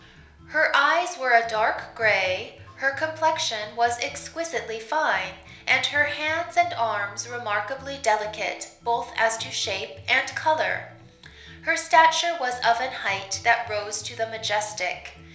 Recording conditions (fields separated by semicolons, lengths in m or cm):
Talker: one person; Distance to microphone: 1.0 m; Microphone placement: close; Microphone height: 1.1 m; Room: small (3.7 m by 2.7 m); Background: music